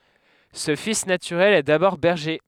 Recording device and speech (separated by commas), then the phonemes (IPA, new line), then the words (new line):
headset microphone, read sentence
sə fis natyʁɛl ɛ dabɔʁ bɛʁʒe
Ce fils naturel est d’abord berger.